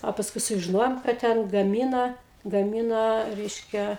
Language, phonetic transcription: Lithuanian, o pasˈkui sužiˈnojom kad ˈten gaˈmyna gaˈmyna ˈreiškia

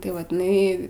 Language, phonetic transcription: Lithuanian, tai ˈvat iˈnai

